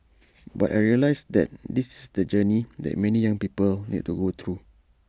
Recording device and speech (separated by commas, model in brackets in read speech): standing microphone (AKG C214), read sentence